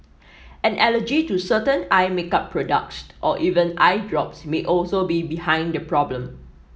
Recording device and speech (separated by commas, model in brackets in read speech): mobile phone (iPhone 7), read sentence